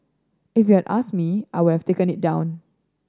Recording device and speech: standing microphone (AKG C214), read sentence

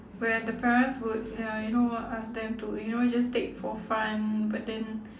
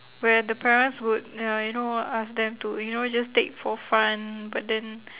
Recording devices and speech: standing microphone, telephone, conversation in separate rooms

